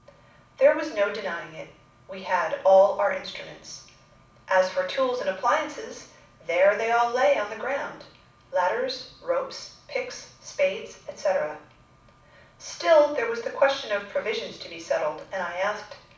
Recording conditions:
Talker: one person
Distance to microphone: 5.8 m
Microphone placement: far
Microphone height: 1.8 m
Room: medium-sized (5.7 m by 4.0 m)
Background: none

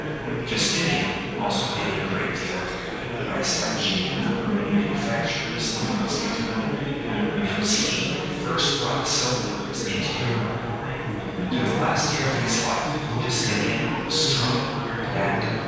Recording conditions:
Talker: one person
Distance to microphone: 7.1 m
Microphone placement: far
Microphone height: 1.7 m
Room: very reverberant, large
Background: babble

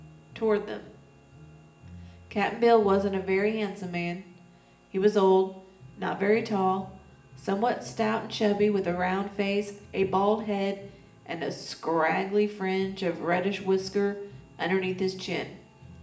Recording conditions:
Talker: one person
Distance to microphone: 1.8 m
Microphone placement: close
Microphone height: 1.0 m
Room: large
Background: music

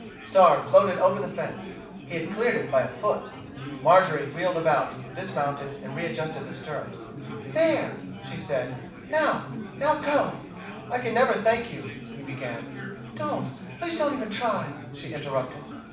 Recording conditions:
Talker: one person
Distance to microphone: 5.8 m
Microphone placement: far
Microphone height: 1.8 m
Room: medium-sized (5.7 m by 4.0 m)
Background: babble

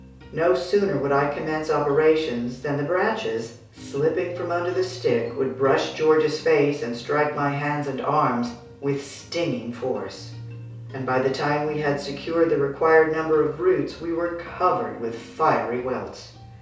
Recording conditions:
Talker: one person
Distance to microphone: 3.0 m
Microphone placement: far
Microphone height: 1.8 m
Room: small (3.7 m by 2.7 m)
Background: music

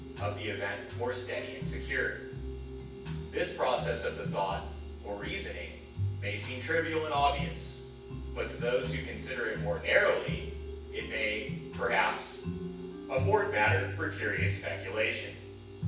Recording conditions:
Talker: one person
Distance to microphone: 9.8 m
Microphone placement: far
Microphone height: 1.8 m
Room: large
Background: music

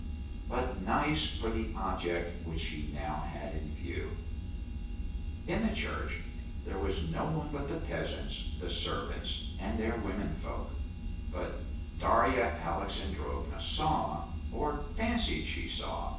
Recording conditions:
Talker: one person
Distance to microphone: 9.8 m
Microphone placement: far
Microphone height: 1.8 m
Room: large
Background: none

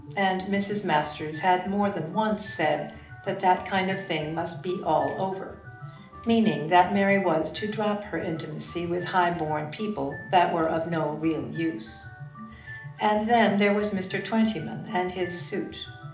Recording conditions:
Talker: one person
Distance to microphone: 2.0 m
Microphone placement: close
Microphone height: 99 cm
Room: medium-sized (5.7 m by 4.0 m)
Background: music

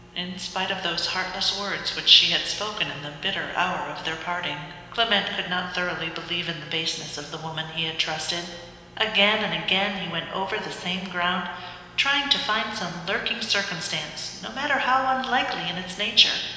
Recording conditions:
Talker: one person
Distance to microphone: 1.7 m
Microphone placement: close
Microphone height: 1.0 m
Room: very reverberant, large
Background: none

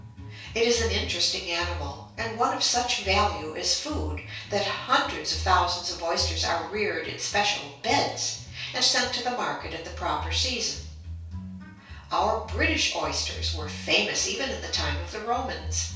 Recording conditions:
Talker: one person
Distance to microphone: 3.0 m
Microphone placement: far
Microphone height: 1.8 m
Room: small (3.7 m by 2.7 m)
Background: music

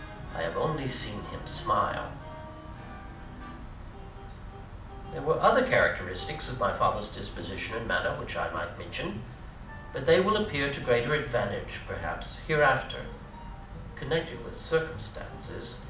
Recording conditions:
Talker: one person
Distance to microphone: 2.0 m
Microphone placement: close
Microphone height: 99 cm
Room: medium-sized (5.7 m by 4.0 m)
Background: music

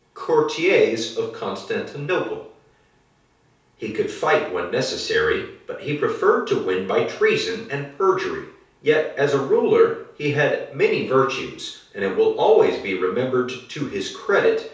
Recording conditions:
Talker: one person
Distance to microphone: 3.0 m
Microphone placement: far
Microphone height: 1.8 m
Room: small (3.7 m by 2.7 m)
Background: none

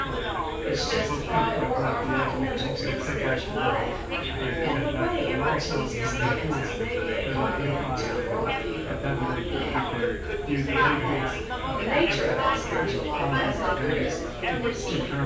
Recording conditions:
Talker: one person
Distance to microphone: 9.8 m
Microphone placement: far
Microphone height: 1.8 m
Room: large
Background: babble

